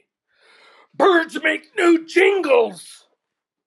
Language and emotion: English, angry